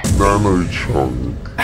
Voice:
deep voice